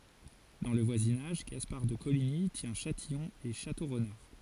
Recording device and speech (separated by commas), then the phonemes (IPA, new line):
forehead accelerometer, read sentence
dɑ̃ lə vwazinaʒ ɡaspaʁ də koliɲi tjɛ̃ ʃatijɔ̃ e ʃatoʁnaʁ